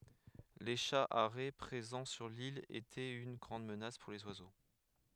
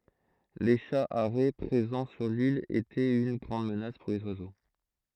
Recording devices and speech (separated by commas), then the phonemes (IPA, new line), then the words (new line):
headset microphone, throat microphone, read sentence
le ʃa aʁɛ pʁezɑ̃ syʁ lil etɛt yn ɡʁɑ̃d mənas puʁ lez wazo
Les chats harets présents sur l’île étaient une grande menace pour les oiseaux.